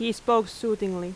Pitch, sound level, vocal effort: 220 Hz, 86 dB SPL, very loud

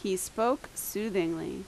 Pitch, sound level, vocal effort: 200 Hz, 82 dB SPL, loud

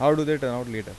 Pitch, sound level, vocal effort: 130 Hz, 88 dB SPL, normal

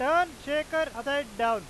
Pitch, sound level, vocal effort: 285 Hz, 104 dB SPL, very loud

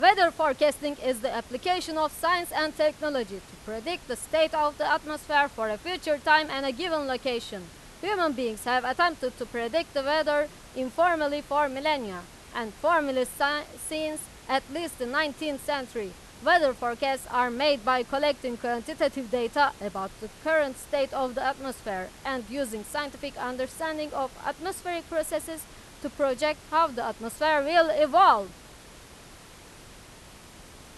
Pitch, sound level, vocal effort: 280 Hz, 97 dB SPL, very loud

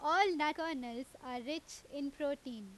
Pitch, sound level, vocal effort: 285 Hz, 90 dB SPL, very loud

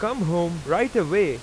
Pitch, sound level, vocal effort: 215 Hz, 94 dB SPL, very loud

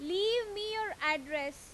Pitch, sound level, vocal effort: 350 Hz, 93 dB SPL, loud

